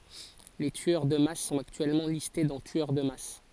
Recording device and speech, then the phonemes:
forehead accelerometer, read sentence
le tyœʁ də mas sɔ̃t aktyɛlmɑ̃ liste dɑ̃ tyœʁ də mas

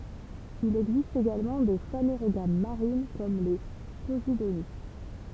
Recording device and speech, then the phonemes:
temple vibration pickup, read sentence
il ɛɡzist eɡalmɑ̃ de faneʁoɡam maʁin kɔm le pozidoni

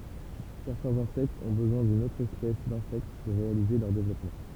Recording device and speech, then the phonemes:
temple vibration pickup, read sentence
sɛʁtɛ̃z ɛ̃sɛktz ɔ̃ bəzwɛ̃ dyn otʁ ɛspɛs dɛ̃sɛkt puʁ ʁealize lœʁ devlɔpmɑ̃

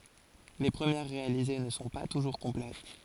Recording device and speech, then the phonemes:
forehead accelerometer, read sentence
le pʁəmjɛʁ ʁealize nə sɔ̃ pa tuʒuʁ kɔ̃plɛt

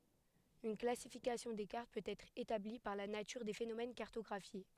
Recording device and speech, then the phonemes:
headset microphone, read sentence
yn klasifikasjɔ̃ de kaʁt pøt ɛtʁ etabli paʁ la natyʁ de fenomɛn kaʁtɔɡʁafje

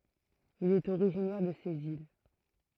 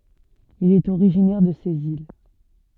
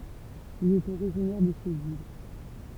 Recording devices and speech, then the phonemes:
throat microphone, soft in-ear microphone, temple vibration pickup, read sentence
il ɛt oʁiʒinɛʁ də sez il

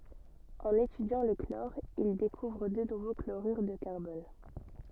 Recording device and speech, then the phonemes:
soft in-ear microphone, read sentence
ɑ̃n etydjɑ̃ lə klɔʁ il dekuvʁ dø nuvo kloʁyʁ də kaʁbɔn

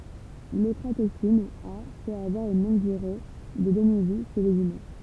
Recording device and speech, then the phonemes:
temple vibration pickup, read sentence
lɔkʁatoksin a pøt avwaʁ yn lɔ̃ɡ dyʁe də dəmivi ʃe lez ymɛ̃

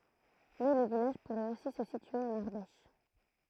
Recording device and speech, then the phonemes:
throat microphone, read sentence
mɛ lə vilaʒ puʁɛt osi sə sitye ɑ̃n aʁdɛʃ

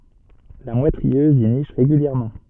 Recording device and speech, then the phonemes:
soft in-ear microphone, read sentence
la mwɛt ʁiøz i niʃ ʁeɡyljɛʁmɑ̃

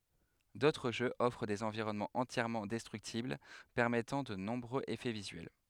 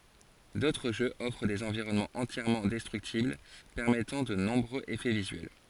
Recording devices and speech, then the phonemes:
headset microphone, forehead accelerometer, read sentence
dotʁ ʒøz ɔfʁ dez ɑ̃viʁɔnmɑ̃z ɑ̃tjɛʁmɑ̃ dɛstʁyktibl pɛʁmɛtɑ̃ də nɔ̃bʁøz efɛ vizyɛl

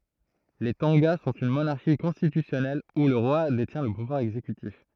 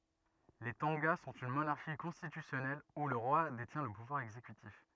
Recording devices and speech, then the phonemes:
throat microphone, rigid in-ear microphone, read sentence
le tɔ̃ɡa sɔ̃t yn monaʁʃi kɔ̃stitysjɔnɛl u lə ʁwa detjɛ̃ lə puvwaʁ ɛɡzekytif

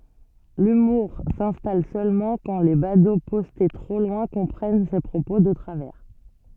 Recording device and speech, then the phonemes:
soft in-ear microphone, read sentence
lymuʁ sɛ̃stal sølmɑ̃ kɑ̃ le bado pɔste tʁo lwɛ̃ kɔ̃pʁɛn se pʁopo də tʁavɛʁ

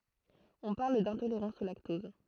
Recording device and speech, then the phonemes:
throat microphone, read sentence
ɔ̃ paʁl dɛ̃toleʁɑ̃s o laktɔz

